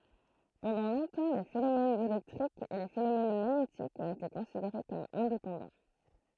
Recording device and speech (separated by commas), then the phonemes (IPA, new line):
throat microphone, read sentence
pɑ̃dɑ̃ lɔ̃tɑ̃ le fenomɛnz elɛktʁikz e le fenomɛn maɲetikz ɔ̃t ete kɔ̃sideʁe kɔm ɛ̃depɑ̃dɑ̃